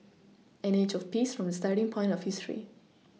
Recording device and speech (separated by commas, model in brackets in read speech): mobile phone (iPhone 6), read sentence